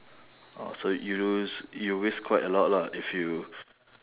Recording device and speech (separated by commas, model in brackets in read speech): telephone, conversation in separate rooms